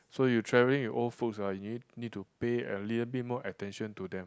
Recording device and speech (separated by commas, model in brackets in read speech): close-talking microphone, conversation in the same room